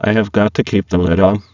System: VC, spectral filtering